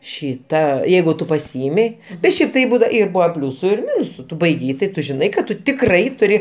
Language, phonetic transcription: Lithuanian, ˈšyta ˈjeigu ˈtu paˈsiimi bet ˈšiaip tai ˈbūda ir ˈbuvo ˈpliūsu ir ˈminusu ˈtu baiˈgei tai ˈtu žiˈnai kad ˈtu tikˈrai tuˈri

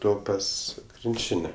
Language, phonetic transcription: Lithuanian, ˈto ˈpas krinˈčine

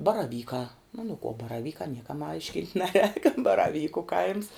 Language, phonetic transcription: Lithuanian, baraˈvykā o nu kuo baraˈvykā ˈniekam ˈaiškint' ˈneˌrēk baraˈvyku kaims

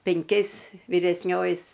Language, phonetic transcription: Lithuanian, penˈkiais viresˈnioji

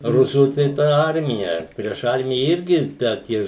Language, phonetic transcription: Lithuanian, ˈrusų tai ˈta ˈarmija prieš ˈarmija ˈirgi da ˈtie

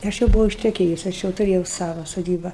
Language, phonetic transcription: Lithuanian, ˈaš jau buˈvau išteˈkėjus ˈaš jau tuˈrėjau ˈsava soˈdyba

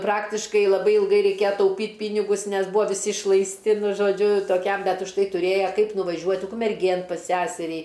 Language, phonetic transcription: Lithuanian, ˈpraktiškai laˈbai ilˈgai reiˈkėja tauˈpyt' ˈpynigus ˈnes ˈbūa viˈsi išlaisˈti nu žoˈdžiu toˈkiam ˈbet užˈtai tuˈrėja ˈkaip nuvaˈžiuot' ukmerˈgėn pas ˈsæserį

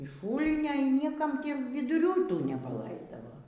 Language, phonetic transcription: Lithuanian, iš ˈšūlnio y ˈniekam ˈtį viduˈrių y ˈtų nepaˈlaisdavo

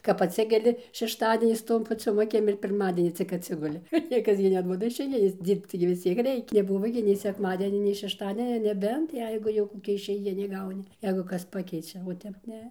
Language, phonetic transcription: Lithuanian, kap atˈsikeli šešˈtadienis ˈtom paˈciom aˈkim ir pirˈmadienį cik atˈsiguli ˈniekas gi neˈduoda išeiˈginės ˈdyrbc tai gi vis ˈciek ˈreikia neˈbuvo gi nei sekˈmadienia nei šešˈtadienio neˈbent ˈjeigu jau koˈkia išeiˈgini ˈgauni ˈjeigu ˈkas ˈpakeičia o ˈtep ˈne

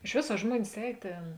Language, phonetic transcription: Lithuanian, iš ˈvės a ˈžmuonis ˈēj ˈtėn

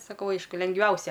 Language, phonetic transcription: Lithuanian, saˈkau ˈaišku lengˈviausia

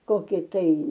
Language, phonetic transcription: Lithuanian, ˈkoki tai

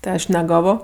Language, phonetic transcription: Lithuanian, ti ˈaš neˈgavo

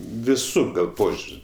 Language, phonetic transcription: Lithuanian, viˈsų gal ˈpožiur's'

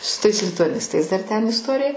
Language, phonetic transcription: Lithuanian, su tais lituaˈnistais dar ˈten isˈtorija

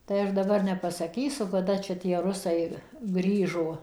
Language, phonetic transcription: Lithuanian, tai ˈaš daˈbar nepasaˈkysu ˈkada čia tie ˈrusai ˈgrįžo

